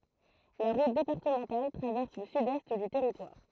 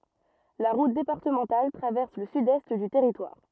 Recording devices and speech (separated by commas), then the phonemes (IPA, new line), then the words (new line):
throat microphone, rigid in-ear microphone, read sentence
la ʁut depaʁtəmɑ̃tal tʁavɛʁs lə sydɛst dy tɛʁitwaʁ
La route départementale traverse le sud-est du territoire.